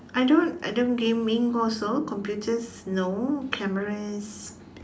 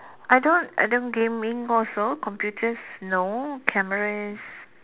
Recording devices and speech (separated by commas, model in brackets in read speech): standing microphone, telephone, conversation in separate rooms